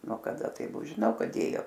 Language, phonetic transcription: Lithuanian, nuo kaˈda tai ˈbu žiˈnau ˈkad ˈdėjo

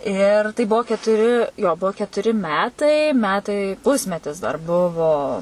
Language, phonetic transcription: Lithuanian, ir tai ˈbuo ketuˈri jo ˈbuo ketuˈri ˈmetai ˈmetai ˈpusmetis dar ˈbuvo

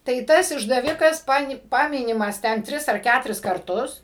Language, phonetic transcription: Lithuanian, tai ˈtas išdaˈvikas ˈpani ˈpaminimas ˈten ˈtris ar ˈkæturis karˈtus

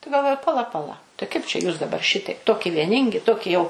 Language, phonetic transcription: Lithuanian, tai galˈvoju paˈla paˈla tai kaip čia jūs daˈbar ˈšitaip ˈtoki vieˈningi ˈtoki jau

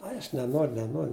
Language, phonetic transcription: Lithuanian, ˈai aš neˈnor neˈnor

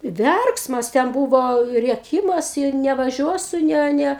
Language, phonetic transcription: Lithuanian, ˈverksmas ten ˈbūvo rieˈkymas i nevaˈžiuosu ˈne ˈne

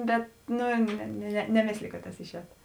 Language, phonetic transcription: Lithuanian, ˈbet ˈnu ne ne neˈmėsliju kad tas išˈēt

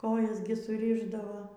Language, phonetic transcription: Lithuanian, ˈkojas gi suˈrišdavo

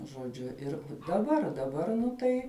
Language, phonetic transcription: Lithuanian, žoˈdžiu ˈir daˈbar daˈbar nu ˈtai

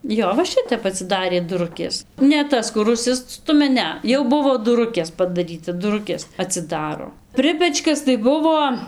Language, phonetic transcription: Lithuanian, ˈjo va ˈšitep atsiˈdarė duˈrukės ne ˈtas kur užˈsistumia ˈne ˈjau ˈbuvo duˈrukės padaˈryta duˈrukės atsiˈdaro ˈpripečkas tai ˈbuvo

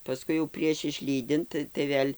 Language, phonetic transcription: Lithuanian, paˈskui jau prieš išˈlydint tai ˈvėl'

